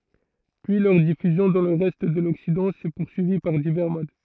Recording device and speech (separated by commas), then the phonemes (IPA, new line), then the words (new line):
throat microphone, read sentence
pyi lœʁ difyzjɔ̃ dɑ̃ lə ʁɛst də lɔksidɑ̃ sɛ puʁsyivi paʁ divɛʁ mod
Puis leur diffusion dans le reste de l'Occident s'est poursuivie par divers modes.